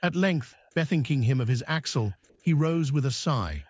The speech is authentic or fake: fake